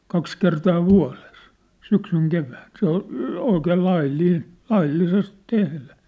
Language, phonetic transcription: Finnish, 'kaks kertaa 'vua̭les , 'syksyŋ 'kevään , se ‿ol , oikeel 'lail'liin , 'laillises 'tehlä .
- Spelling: kaksi kertaa vuodessa syksyn kevään se oli oikein laillinen laillisesti tehdä

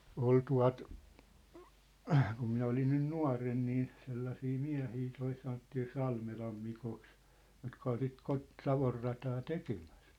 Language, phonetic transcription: Finnish, 'ol tua̭t , kum minä olin 'nyn "nua̭ren nii , 'sellasii "miä̭hii toi sanottii 'Salmelam Mikoks , jotka ol sit 'Kot- , "Savorrataa 'tekemᴀ̈s .
- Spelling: oli tuota kun minä olin nyt nuorena niin sellaisia miehiä tuo sanottiin Salmelan Mikoksi jotka oli sitä - Savonrataa tekemässä

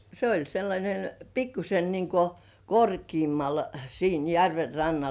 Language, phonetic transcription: Finnish, se oĺ sellańen , 'pikkuse niŋko "korkiimmal siin 'järver rannal .
- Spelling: se oli sellainen pikkuisen niin kuin korkeammalla siinä järven rannalla

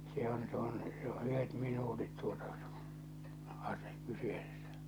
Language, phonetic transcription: Finnish, se ‿on , se ‿on , se ‿o '’yhet 'minuutit tuota , ase- , 'kyseessᴀ̈ .
- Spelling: se on se on se on yhdet minuutit tuota - kyseessä

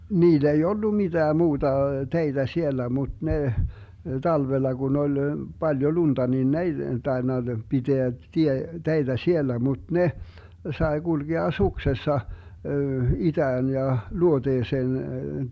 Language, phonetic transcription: Finnish, 'niil ‿ei "ollu 'mitää 'muuta , 'teitä 'sielä 'muD 'neh , 'talvella gun ‿ol , 'Baljo 'lunDa nin "n ‿ei 'taenna 'piteä tie- , 'teitä 'siellä muD 'neh , 'sae 'gulgea "suksessa , 'itään ja , 'luoteeseen .
- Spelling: niillä ei ollut mitään muuta teitä siellä mutta ne talvella kun oli paljon lunta niin ne ei tainnut pitää - teitä siellä mutta ne sai kulkea suksessa itään ja luoteeseen

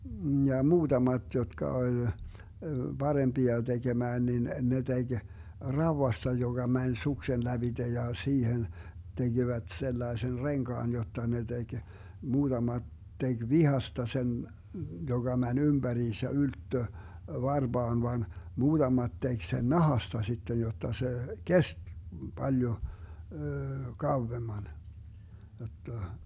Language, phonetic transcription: Finnish, ja "muutamat 'jotka oĺ , 'BaremBia 'teGemään nin , 'ne 'teG "rauwasta 'joGa 'mäń 'suksen 'läBiDe ja 'siihen , 'teGivät 'sellaesen "reŋkaan 'jotta ne 'teG , 'muuDamat 'teG "vihasta 'sen , 'joGa 'mäń 'ymBäriinsä 'ylttö , 'varBaan van , 'muuDamat 'tek 'sen "nahasta 'sittej 'jotta 'se , "kest , 'Baljo , 'kauvvemman , jotta , .
- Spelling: ja muutamat jotka oli parempia tekemään niin ne teki raudasta joka meni suksen lävitse ja siihen tekivät sellaisen renkaan jotta ne teki muutamat teki vitsasta sen joka meni ympäriinsä ylettyi varpaan vaan muutamat teki sen nahasta sitten jotta se kesti paljon kauemmin jotta

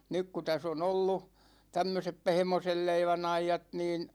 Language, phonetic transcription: Finnish, 'nyk ku täs ‿o'n ‿ollu , 'tämmösep "pehmosel 'leivän ‿ajjat niin ,.
- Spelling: nyt kun tässä on ollut tämmöiset pehmoisen leivän ajat niin

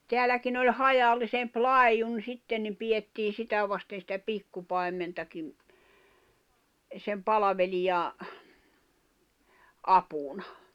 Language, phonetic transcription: Finnish, 'teäläkin ‿oĺ "hajallisemp "lài̬jun 'sitten ni pijettii 'sitä vasten̬ sⁱtä "pikkupai̬mmentakim , sem "palavelija , 'apuna .
- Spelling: täälläkin oli hajallisempi laidun sitten niin pidettiin sitä vasten sitä pikkupaimentakin sen palvelijan apuna

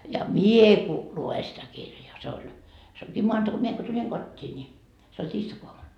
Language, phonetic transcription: Finnish, » ja "mie ku , 'lu₍e sitä 'kirjaa , se oĺ , se oŋkii 'moanta- , 'mie ko tuĺiŋ "kot́t́ii ńi , se oĺ 'tiistakoamun .
- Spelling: ja minä kun luen sitä kirjaa se oli se onkin - minä kun tulin kotiin niin se oli tiistaiaamuna

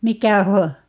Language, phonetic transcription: Finnish, "mikä 'ho- , .
- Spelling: mikä -

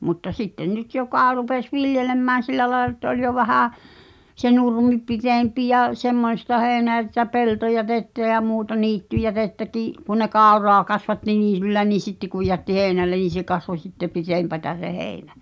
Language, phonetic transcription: Finnish, mutta 'sitten 'nyt 'jokà rupes "viljelemmään̬ 'sillä laelᵃ ᵉttä 'oĺ jo 'vähä̀ , se "nurmi 'pitèmpi ja , 'semmoⁱsta 'heeⁱneä (ja sitä) "peltojätettä ja 'muuta "niittyjätettäkii’ , kun ne "kàu̬roa kasvatti 'niityllä nii 'sitte kuj jätti "hèi̬nällen niin̬ se kasvo sitte 'pitèmpätä se "heeⁱnä .
- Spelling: mutta sitten nyt joka rupesi viljelemään sillä lailla että oli jo vähän se nurmi pitempi ja semmoista heinää ja sitä peltojätettä ja muuta niittyjätettäkin kun ne kauraa kasvatti niityllä niin sitten kun jätti heinälle niin se kasvoi sitten pitempää se heinä

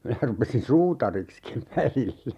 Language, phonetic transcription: Finnish, 'minä rupesin "suutarikskiv 'välillä .
- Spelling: minä rupesin suutariksikin välillä

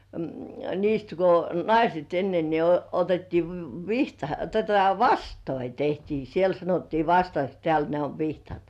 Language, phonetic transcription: Finnish, 'niist ko "naiset enne ni o- , 'otettii v- , 'vihta- tota "vastoi 'tehtii siel sanottii "vastaks tĕä̀l ne ov 'vihtat .
- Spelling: niistä kun naiset ennen niin - otettiin - vihta tuota vastoja tehtiin siellä sanottiin vastaksi täällä ne on vihdat

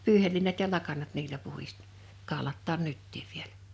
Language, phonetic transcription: Finnish, 'pyyhelliinat ja 'lakanat niilä puhis- , 'kàolattaan "nyttiiv vielᴀ̈ .
- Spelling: pyyheliinat ja lakanat niillä - kaulataan nytkin vielä

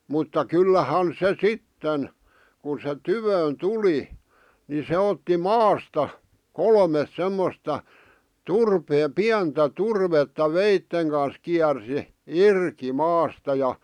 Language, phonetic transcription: Finnish, mutta 'kyllähan se "sitten , kun se "tyvöön "tuli , ni se otti "maasta , "kolmes 'semmosta , "turpee- , "piäntä "turvetta 'veitteŋ kans kiärsi , "irki , 'maasta ja .
- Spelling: mutta kyllähän se sitten kun se tykö tuli niin se otti maasta kolme semmoista - pientä turvetta veitsen kanssa kiersi irti maasta ja

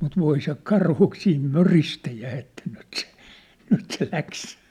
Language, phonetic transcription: Finnish, mut 'voi se "karhu(k) siim "möristä jä̳ ‿että nyt se , 'nyt se 'läks .
- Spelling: mutta voi se karhu siinä möristä ja että nyt se nyt se lähti

